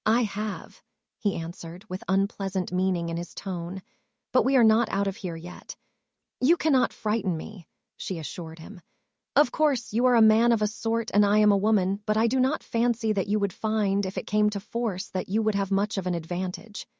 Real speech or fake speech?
fake